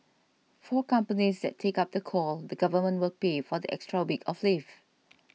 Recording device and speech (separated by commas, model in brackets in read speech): mobile phone (iPhone 6), read sentence